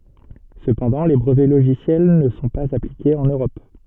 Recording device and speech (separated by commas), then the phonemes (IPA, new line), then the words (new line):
soft in-ear microphone, read sentence
səpɑ̃dɑ̃ le bʁəvɛ loʒisjɛl nə sɔ̃ paz aplikez ɑ̃n øʁɔp
Cependant, les brevets logiciels ne sont pas appliqués en Europe.